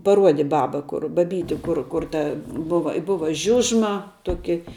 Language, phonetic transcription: Lithuanian, paˈruodi ˈbaba ˈkur baˈbyti ˈkur ˈkur ta ˈbuva i ˈbuva ˈžiužma ˈtuoki

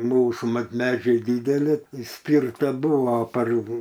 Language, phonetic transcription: Lithuanian, ˈmūsų ˈmat ˈmedžiai ˈdydeli įˈspirta ˈbuvo par

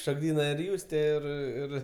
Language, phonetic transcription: Lithuanian, šokˈdyna ir ˈjūstė ˈir ˈir

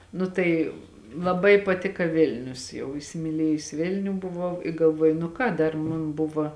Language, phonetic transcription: Lithuanian, ˈnu tai laˈbai paˈtika ˈvilnius jau isimiˈlėjus ˈvilniu buˈvau i galˈvuoju nu ˈką ˈdar ˈmun ˈbuva

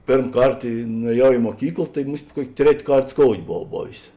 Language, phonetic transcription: Lithuanian, ˈpėrm ˈkart i nueˈjau i muoˈkykl tai ˈmust' ˈkuok' ˈtret' ˈkart skoud' boˈvau ˈbovės

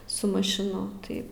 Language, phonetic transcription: Lithuanian, su mašiˈnu ˈtai

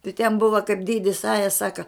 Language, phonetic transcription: Lithuanian, tai ten ˈbuva kaip ˈdėdis ˈaja ˈsaka

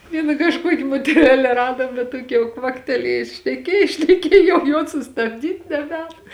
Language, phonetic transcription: Lithuanian, ˈviena kažˈkuoki moteˈrele ˈradom bet ˈtuoki jau ˈkvakteliejus šneˈkiej šneˈkiej jau jos sustabˈdyt' neˈbēn

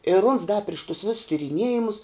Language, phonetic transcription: Lithuanian, ir uns da priš tus vis tiriˈniejimus

